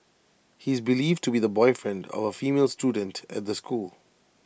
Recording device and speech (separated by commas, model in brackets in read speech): boundary microphone (BM630), read sentence